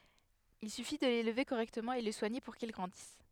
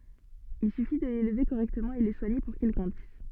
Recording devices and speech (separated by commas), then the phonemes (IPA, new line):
headset microphone, soft in-ear microphone, read sentence
il syfi də lelve koʁɛktəmɑ̃ e lə swaɲe puʁ kil ɡʁɑ̃dis